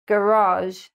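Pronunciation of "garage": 'Garage' has the American pronunciation here, with the stress on the second syllable.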